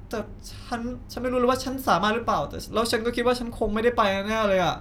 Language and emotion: Thai, sad